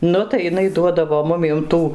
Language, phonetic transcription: Lithuanian, ˈnu tai jiˈnai ˈduodavo ˈmumiem ˈtų

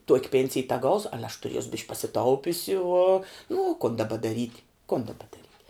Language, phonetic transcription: Lithuanian, tuok' ˈpėnsij teˈgausu ˈale aš tuˈriesu bišk' pasiˈtaupiusi uo nu u kun daˈba daˈryt' kun daˈba daˈryt'

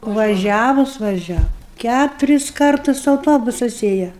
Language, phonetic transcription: Lithuanian, vaˈžiavus vaˈžiavu ˈkæturis ˈkartus auˈtobusas ˈėja

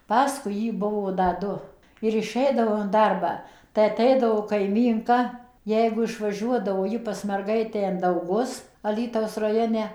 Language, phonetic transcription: Lithuanian, ˈpaskui ˈjį ˈbuvo da ˈdu ir iˈšeidavau in ˈdarbą tai aˈteidavo kaiˈmynka ˈjeigu išvaˈžiuodavo ˈji pas merˈgaitę in dauˈgus aˈlytaus raˈjone

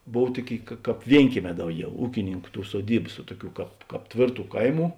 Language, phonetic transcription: Lithuanian, ˈbov ˈtuoˌkėi ka ˈkāp ˈvienkieˌmē ˈdauˌgiau ˈūkininˌku ˈtų suoˈdybas vuo ˈtuˌkių ˈkāp ˈkāp ˈtvėrˌtų ˈkaiˌmų

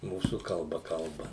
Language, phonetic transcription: Lithuanian, ˈmūsų kalˈba ˈkalba

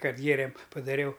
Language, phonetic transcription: Lithuanian, ˈkad ˈgėrėm padaˈriau

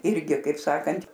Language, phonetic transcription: Lithuanian, ˈirgi kaip ˈsakant'

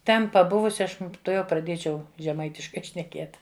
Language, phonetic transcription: Lithuanian, ˈten paˈbuvusi ˈaš tuˈjau praˈdiečiau žeˈmaitiškai šneˈkiet

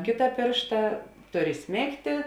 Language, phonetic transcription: Lithuanian, ˈkėta ˈpėršta ˈtur iˈsmėgtė

